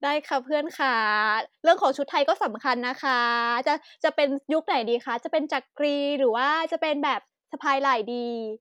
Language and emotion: Thai, happy